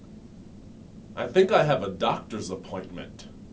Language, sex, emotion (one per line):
English
male
neutral